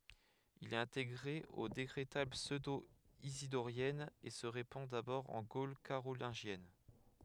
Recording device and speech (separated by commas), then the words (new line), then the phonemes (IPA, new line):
headset microphone, read sentence
Il est intégré aux Décrétales pseudo-isidoriennes et se répand d'abord en Gaule carolingienne.
il ɛt ɛ̃teɡʁe o dekʁetal psødoizidoʁjɛnz e sə ʁepɑ̃ dabɔʁ ɑ̃ ɡol kaʁolɛ̃ʒjɛn